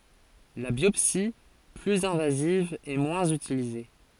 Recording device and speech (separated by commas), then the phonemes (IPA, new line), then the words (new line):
forehead accelerometer, read sentence
la bjɔpsi plyz ɛ̃vaziv ɛ mwɛ̃z ytilize
La biopsie, plus invasive est moins utilisée.